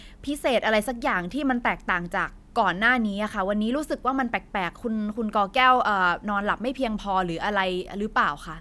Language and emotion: Thai, frustrated